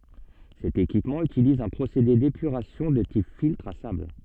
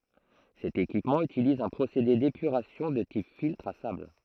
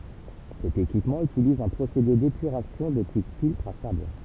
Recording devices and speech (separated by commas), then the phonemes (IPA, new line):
soft in-ear microphone, throat microphone, temple vibration pickup, read sentence
sɛt ekipmɑ̃ ytiliz œ̃ pʁosede depyʁasjɔ̃ də tip filtʁ a sabl